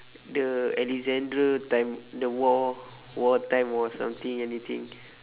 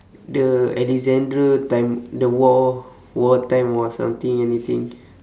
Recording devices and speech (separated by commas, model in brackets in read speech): telephone, standing microphone, conversation in separate rooms